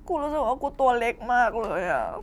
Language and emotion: Thai, sad